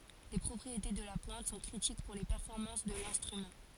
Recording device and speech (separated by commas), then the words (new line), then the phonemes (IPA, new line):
forehead accelerometer, read sentence
Les propriétés de la pointe sont critiques pour les performances de l'instrument.
le pʁɔpʁiete də la pwɛ̃t sɔ̃ kʁitik puʁ le pɛʁfɔʁmɑ̃s də lɛ̃stʁymɑ̃